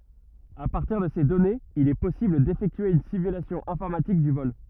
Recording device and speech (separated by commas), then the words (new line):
rigid in-ear microphone, read sentence
À partir de ces données, il est possible d'effectuer une simulation informatique du vol.